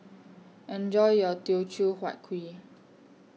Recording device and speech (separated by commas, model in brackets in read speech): mobile phone (iPhone 6), read sentence